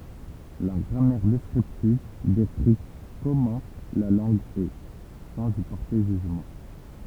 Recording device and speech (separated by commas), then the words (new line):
temple vibration pickup, read sentence
La grammaire descriptive décrit comment la langue est, sans y porter jugement.